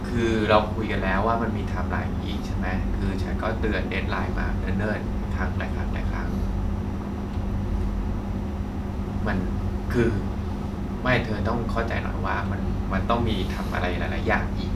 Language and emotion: Thai, neutral